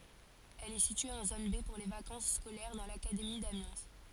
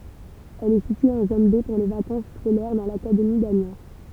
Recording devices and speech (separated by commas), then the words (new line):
forehead accelerometer, temple vibration pickup, read sentence
Elle est située en zone B pour les vacances scolaires, dans l'académie d'Amiens.